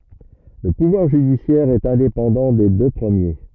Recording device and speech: rigid in-ear microphone, read sentence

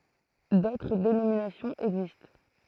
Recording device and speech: throat microphone, read sentence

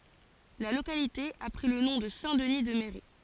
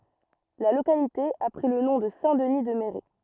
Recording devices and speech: forehead accelerometer, rigid in-ear microphone, read sentence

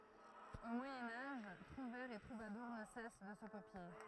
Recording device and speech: throat microphone, read sentence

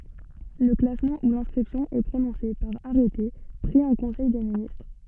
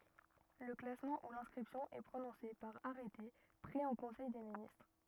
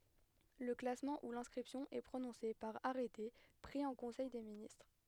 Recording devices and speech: soft in-ear microphone, rigid in-ear microphone, headset microphone, read sentence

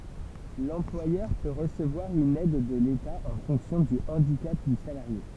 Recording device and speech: temple vibration pickup, read sentence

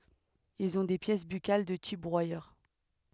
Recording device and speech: headset microphone, read sentence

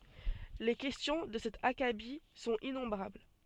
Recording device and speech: soft in-ear microphone, read sentence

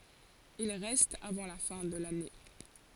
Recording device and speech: forehead accelerometer, read sentence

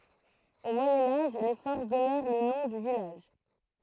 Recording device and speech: throat microphone, read sentence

